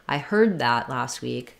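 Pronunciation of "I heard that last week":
The er vowel in 'heard' is held longer than it would be in 'hurt'. The d at the end of 'heard' is unreleased and links straight into the th of 'that'.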